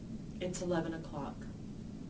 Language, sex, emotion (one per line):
English
female
neutral